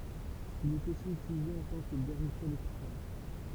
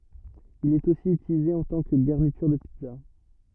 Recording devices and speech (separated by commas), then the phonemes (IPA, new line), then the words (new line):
temple vibration pickup, rigid in-ear microphone, read sentence
il ɛt osi ytilize ɑ̃ tɑ̃ kə ɡaʁnityʁ də pizza
Il est aussi utilisé en tant que garniture de pizza.